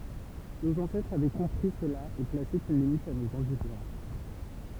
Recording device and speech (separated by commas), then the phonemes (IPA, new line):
temple vibration pickup, read sentence
noz ɑ̃sɛtʁz avɛ kɔ̃pʁi səla e plase yn limit a noz ɛ̃dylʒɑ̃s